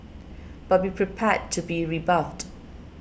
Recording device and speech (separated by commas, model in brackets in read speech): boundary microphone (BM630), read sentence